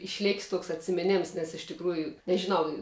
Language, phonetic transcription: Lithuanian, išˈlėkis ˈtuoks atsimiˈnems nes iš tikˈrųju nežiˈnau

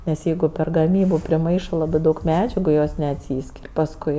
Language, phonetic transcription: Lithuanian, nes ˈjeigu per gaˈmybu priˈmaišɜ ˈlabɜ ˈdaug ˈmedžiagu jos neatˈsyskir' pasˈkui

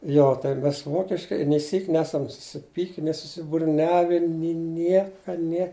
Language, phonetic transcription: Lithuanian, ˈjo tai ˈmes ˈvokiškai nė ˈsyk' ˈnesam susiˈpyki ni susiburˈniavi ni ˈnieka nie

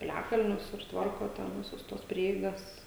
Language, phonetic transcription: Lithuanian, piˈliakalnius ir ˈtvarko ten ˈvisus ˈtuos ˈprieigas

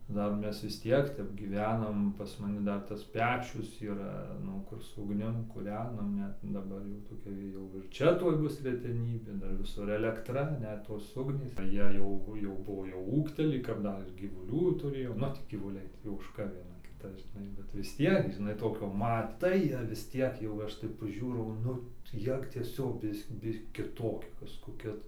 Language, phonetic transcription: Lithuanian, ˈdar ˈmes vis ˈtiek ˈtep gyˈvenam pas maˈni ˈdar tas ˈpečius yˈra ˈnu kur su ugˈnim kūˈrenam ˈnet daˈbar jau toˈkia gi ˈjau ir ˈčia tuoj ˈbus reteˈnybė ˈdar viˈsur elekˈtra ˈnet tos ˈugnys tai ˈjie jau jau ˈbuo jau ˈūgteli kap ˈdar ir gyvuˈlių tuˈrėjom nu ˈtį gyvuˈliai tį užkaˈbina ˈkitas žiˈnai bet vis ˈtiek žiˈnai ˈtokio maˈtai ˈjie vis ˈtiek jau ˈaš taip paˈžiūrau ˈnu ˈjie ˈtiesiog ˈbis ˈbi kiˈtokie kazkoˈkie tai

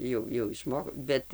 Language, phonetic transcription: Lithuanian, ˈjau jau išˈmo ˈbet

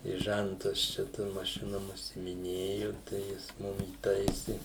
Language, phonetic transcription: Lithuanian, i ˈžæntas čia ˈtom maˈšinom užsimiˈnėju tai ˈjis ˈmum įˈtaisi

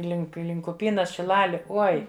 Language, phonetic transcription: Lithuanian, ˈlink ˈlink uˈpynas šiˈlali ˈoi

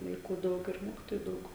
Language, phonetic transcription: Lithuanian, vaiˈkų ˈdaug ir ˈmokitoju ˈdaug

